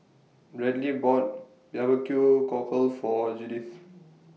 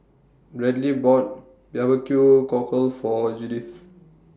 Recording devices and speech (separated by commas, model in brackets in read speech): mobile phone (iPhone 6), standing microphone (AKG C214), read sentence